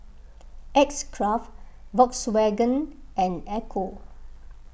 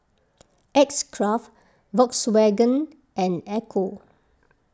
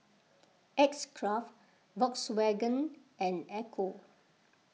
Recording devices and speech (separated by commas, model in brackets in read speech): boundary microphone (BM630), close-talking microphone (WH20), mobile phone (iPhone 6), read sentence